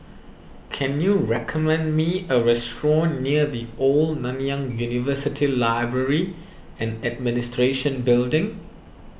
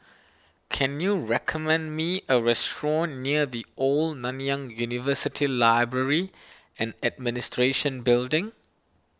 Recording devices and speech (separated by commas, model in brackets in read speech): boundary microphone (BM630), standing microphone (AKG C214), read sentence